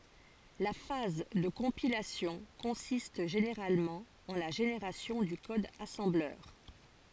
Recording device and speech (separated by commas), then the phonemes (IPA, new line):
forehead accelerometer, read sentence
la faz də kɔ̃pilasjɔ̃ kɔ̃sist ʒeneʁalmɑ̃ ɑ̃ la ʒeneʁasjɔ̃ dy kɔd asɑ̃blœʁ